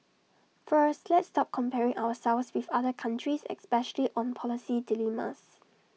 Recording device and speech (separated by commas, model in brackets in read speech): mobile phone (iPhone 6), read sentence